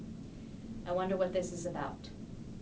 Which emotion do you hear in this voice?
neutral